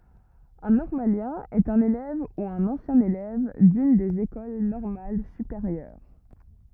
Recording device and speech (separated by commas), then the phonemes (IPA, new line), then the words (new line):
rigid in-ear microphone, read sentence
œ̃ nɔʁmaljɛ̃ ɛt œ̃n elɛv u œ̃n ɑ̃sjɛ̃ elɛv dyn dez ekol nɔʁmal sypeʁjœʁ
Un normalien est un élève ou un ancien élève d'une des écoles normales supérieures.